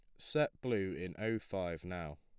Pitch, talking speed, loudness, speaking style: 100 Hz, 180 wpm, -38 LUFS, plain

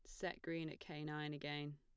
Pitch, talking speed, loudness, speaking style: 150 Hz, 230 wpm, -47 LUFS, plain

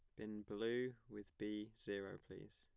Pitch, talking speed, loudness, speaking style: 105 Hz, 150 wpm, -48 LUFS, plain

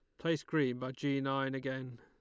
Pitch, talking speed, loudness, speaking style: 135 Hz, 200 wpm, -36 LUFS, Lombard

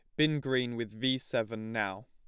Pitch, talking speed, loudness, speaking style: 120 Hz, 195 wpm, -32 LUFS, plain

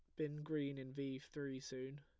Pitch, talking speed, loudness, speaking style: 140 Hz, 200 wpm, -46 LUFS, plain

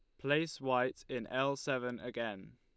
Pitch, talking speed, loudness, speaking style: 130 Hz, 155 wpm, -36 LUFS, Lombard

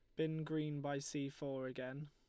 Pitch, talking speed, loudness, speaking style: 145 Hz, 190 wpm, -43 LUFS, Lombard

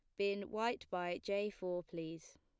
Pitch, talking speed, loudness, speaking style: 180 Hz, 165 wpm, -41 LUFS, plain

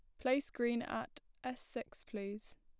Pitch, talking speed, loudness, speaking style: 245 Hz, 155 wpm, -41 LUFS, plain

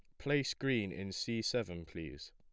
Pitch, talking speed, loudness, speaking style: 110 Hz, 170 wpm, -37 LUFS, plain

